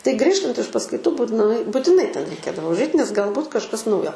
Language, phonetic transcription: Lithuanian, tai ˈgrįžtant iš paskaiˈtų būt nuˈai butiˈnai ˈten reiˈkėdavo užˈait nes galˈbūt kažˈkas ˈnaujo

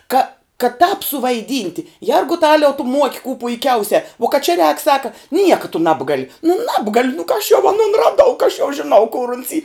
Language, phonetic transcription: Lithuanian, ka ka tāp suvaiˈdynti ˈjergutaliau tu muok' kū puiˈkiausia uo kad čia rēk ˈsaka ˈnieka tu ˈnabgali nu ˈnabgaliu nu ka aš jau aˈnun raˈdau ka aš jau žiˈnau kur uns y

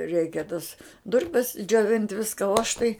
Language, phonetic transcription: Lithuanian, ˈreikia tas ˈdurpes džioˈvint' ˈviska o aš tai

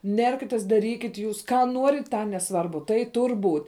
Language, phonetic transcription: Lithuanian, ˈnerkitės daˈrykit' jūs ˈką ˈnuorit ˈtą neˈsvarbu tai ˈtur' būt'

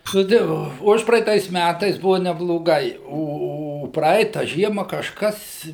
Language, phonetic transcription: Lithuanian, nu ˈtai ˈvo ˈužpraeitais ˈmætais ˈbuva nebloˈgai ˈo o ˈpraita ˈžiema kažˈkas

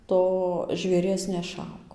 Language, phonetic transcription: Lithuanian, ˈto žvėˈries neˈšauk

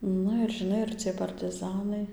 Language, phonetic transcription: Lithuanian, ˈnu ir žiˈnai ir ˈciej partɨˈzanai

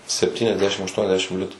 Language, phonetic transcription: Lithuanian, septyniasˈdešim aštuoniasˈdešim ˈlitu

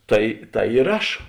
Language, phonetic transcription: Lithuanian, ˈtai ˈtai ir ˈaš

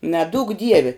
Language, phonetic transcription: Lithuanian, neˈdūk ˈdievi

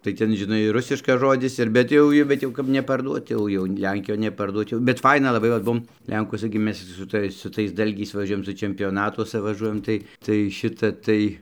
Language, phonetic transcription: Lithuanian, tai ˈten žiˈnai ˈrusiškas ˈžodis ir bet ˈjau i bet ˈjau kap neparˈduot ˈjau jau ˈlenkijon neparˈduot jau bet ˈfaina laˈbai vat ˈbuom ˈlenkuosa gi ˈmes su ˈtais su ˈtais ˈdalgiais vaˈžiuojam su čempioˈnatuosa vaˈžuojam ˈtai tai ˈšita ˈtai

